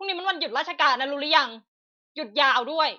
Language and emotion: Thai, angry